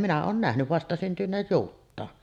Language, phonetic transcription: Finnish, 'minä oon 'nähny , 'vastasyntyneej 'juuttaan .
- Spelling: minä olen nähnyt vastasyntyneen juuttaan

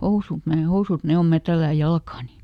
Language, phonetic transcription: Finnish, » ˈhousùt , nee "housùt ˈne om ˈmä tälläj "jalkaani . »
- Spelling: housut ne housut ne on minä tällään jalkaani

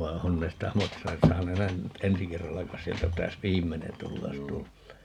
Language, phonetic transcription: Finnish, vai̮ 'on ne stä 'maksanes - ('saa 'nähän nyt) , 'ensi 'kerralla (kais) 'sieltä 'pitäs "viim̆menen 'tulla jos 'tullee .
- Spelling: vaan on ne sitä maksaneet saa nähdä nyt ensi kerralla kai sieltä pitäisi viimeinen tulla jos tulee

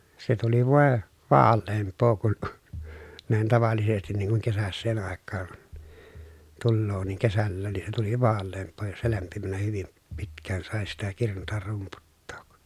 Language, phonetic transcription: Finnish, se tuli vòe , vaalleemp̀oo kun , näin tavallisestin niiŋ kuŋ kesässeen àekkaan , tulloo niiŋ kesällään ni se tuli vaalleemp̆poo jos se lämpimänä hyvim , pitk̆kään sàe sitä kirnutar rumputtOOk .
- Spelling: se tuli voi vaaleampaa kuin näin tavallisesti niin kuin kesäiseen aikaan tulee niin kesälläkin niin se tuli vaaleampaa jos se lämpimänä hyvin pitkään sai sitä kirnuta rumputtaa

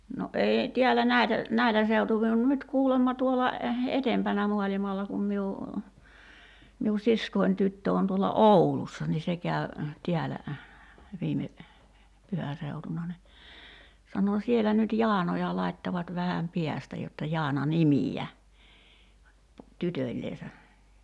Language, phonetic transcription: Finnish, no '’eei , 'tiällä "näitä , 'näilä seutuvi on 'nyt 'kuulemma tuola , "etempänä 'mualimalla kum miu , miu 'siskoin 'tyttö on tuola "’Oulussa ni se käy̬ , 'tiälä , 'viime , 'pyhä seutuna ni , 'sano 'sielä nyt "Jaanoja 'laittavat 'vähäm "piästä jotta 'Jaana "nimi₍ä , 'tytöĺleesä .
- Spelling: no ei täällä näitä näillä seutuvin on nyt kuulemma tuolla edempänä maailmalla kun minun minun siskoni tyttö on tuolla Oulussa niin se kävi täällä viime pyhän seutuna niin sanoi siellä nyt Jaanoja laittavat vähän päästä jotta Jaana nimiä tytöllensä

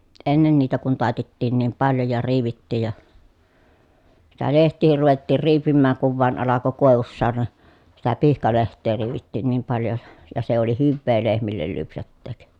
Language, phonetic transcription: Finnish, ennen niitä kun tài̮tettiin niim paljo ja riivittiij ja , sitä leht̆tiihir ruvettiir riipimmääŋ kuv vuan alako kòevussa (ne) , sitä pihkaleht̆tee riivittiin niim paljo ja , ja se oli hyvvee lehmillel lypsätteek .
- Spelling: ennen niitä kun taitettiin niin paljon ja riivittiin ja sitä lehtiäkin ruvettiin riipimään kun vain alkoi koivussa ne sitä pihkalehteä riivittiin niin paljon ja ja se oli hyvää lehmille lypsättää

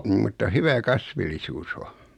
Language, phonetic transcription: Finnish, nim mutta "hyvä "kasvillisuus ‿o .
- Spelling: niin mutta hyvä kasvillisuus on

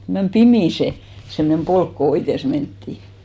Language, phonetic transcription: Finnish, mem 'pimì se , semnem 'polk ko 'oites menttì .
- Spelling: meni pimeä se semmoinen polku kun oites mentiin

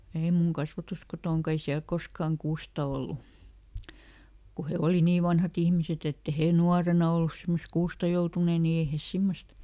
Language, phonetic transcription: Finnish, ˈei muŋ ˈkasvatuskotòŋka ˈei ˈsiäl ˈkoskàŋ "kuusta ollu , ku ˈhe ˈoli ˈnii "vanhaˈt ‿ihmiset ‿ett ‿e ˈhè "nuarena ollus ˈsimmos "kuusta joutunè ni ˈei hes ˈsimmost ,.
- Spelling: ei minun kasvatuskotonakaan ei siellä koskaan kuusta ollut kun he oli niin vanhat ihmiset että ei he nuorena ollut semmoista kuusta joutuneet niin ei he semmoista

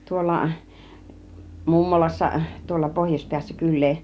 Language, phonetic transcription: Finnish, 'tuolla , 'mummolassa , tuolla 'pohjośpiässä 'kyl̆lee .
- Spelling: tuolla mummolassa tuolla pohjoispäässä kylää

